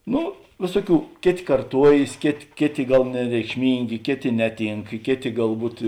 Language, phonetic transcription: Lithuanian, ˈnu ˈvėsuoˌkių ˈkėˌtė karˈtuojės ˈkėˌtė ˈkėˌtė ˈgal nereikšˈmyngė ˈkėˌtė ˈneˌtynk ˈkėˌtė galˈbūt

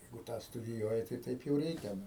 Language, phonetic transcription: Lithuanian, ˈjeigu ˈtą studiˈjuoji tai ˈtaip jau ˈreikia ˈnu

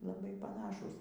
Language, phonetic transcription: Lithuanian, laˈbai paˈnašūs

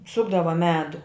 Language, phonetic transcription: Lithuanian, ˈsukdava ˈmedu

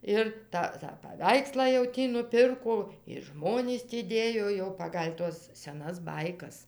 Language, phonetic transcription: Lithuanian, ˈir ta tą paˈveikslą jau ˈtį nuˈpirko ir ˈžmonys tį ˈdėjo jau ˈpagal' ˈtuos seˈnas ˈbaikas

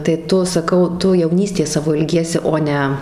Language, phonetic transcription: Lithuanian, tai ˈtu saˈkau ˈtu jauˈnystės ˈsavo ilˈgiesi ˈo ne

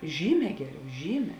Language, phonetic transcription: Lithuanian, ˈžyˌmē ˈgeˌriau ˈžyˌmē

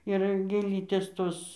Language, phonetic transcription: Lithuanian, ir gėˈlytės ˈtos

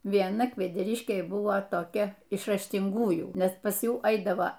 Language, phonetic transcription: Lithuanian, vieˈna kvedeˈriškėj ˈbuvo toˈkia iš raštinˈgųjų ˈnes pas ˈjų ˈaidavo

